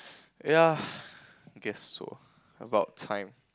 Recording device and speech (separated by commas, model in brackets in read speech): close-talking microphone, conversation in the same room